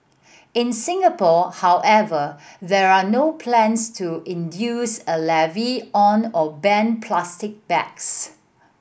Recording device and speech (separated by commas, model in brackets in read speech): boundary microphone (BM630), read sentence